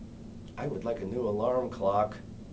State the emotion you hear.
disgusted